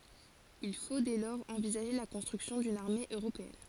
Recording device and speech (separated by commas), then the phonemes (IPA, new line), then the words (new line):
forehead accelerometer, read sentence
il fo dɛ lɔʁz ɑ̃vizaʒe la kɔ̃stʁyksjɔ̃ dyn aʁme øʁopeɛn
Il faut dès lors envisager la construction d’une armée européenne.